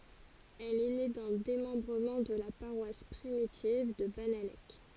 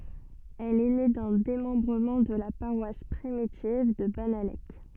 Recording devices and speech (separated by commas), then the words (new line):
forehead accelerometer, soft in-ear microphone, read sentence
Elle est née d'un démembrement de la paroisse primitive de Bannalec.